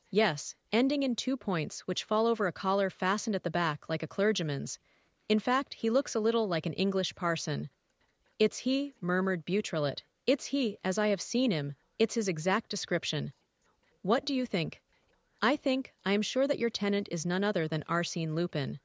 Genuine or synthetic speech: synthetic